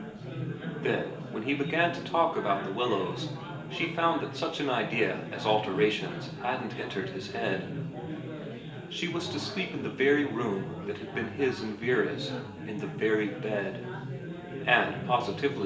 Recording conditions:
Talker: one person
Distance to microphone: 1.8 m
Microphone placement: close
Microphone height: 1.0 m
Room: large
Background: babble

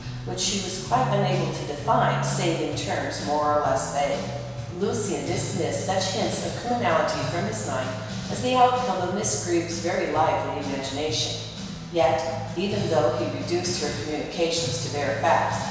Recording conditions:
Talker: one person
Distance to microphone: 1.7 m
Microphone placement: close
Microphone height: 1.0 m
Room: very reverberant, large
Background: music

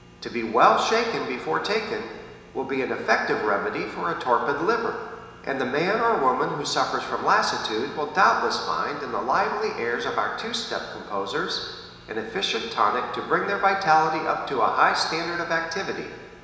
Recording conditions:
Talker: one person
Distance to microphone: 1.7 m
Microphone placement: close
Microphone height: 1.0 m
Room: very reverberant, large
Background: none

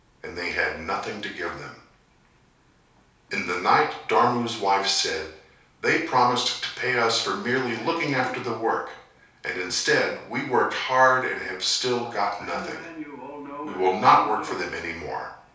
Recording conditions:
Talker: one person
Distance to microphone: 3.0 m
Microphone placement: far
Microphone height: 1.8 m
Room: small (3.7 m by 2.7 m)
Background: television

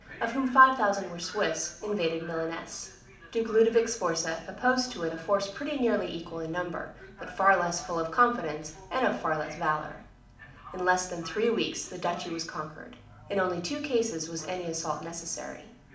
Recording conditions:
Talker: one person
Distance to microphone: 2.0 m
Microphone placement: close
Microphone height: 99 cm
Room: medium-sized (5.7 m by 4.0 m)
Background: television

